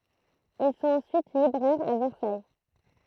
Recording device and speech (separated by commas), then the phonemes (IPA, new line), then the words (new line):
throat microphone, read sentence
il sɔ̃t ɑ̃syit libʁɛʁz a vɛʁsaj
Ils sont ensuite libraires à Versailles.